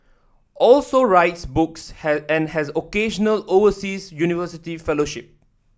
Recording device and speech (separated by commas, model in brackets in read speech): standing microphone (AKG C214), read sentence